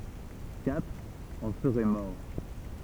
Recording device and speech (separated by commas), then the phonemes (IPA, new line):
temple vibration pickup, read sentence
katʁ ɑ̃ səʁɛ mɔʁ